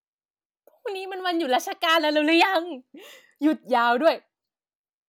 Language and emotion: Thai, happy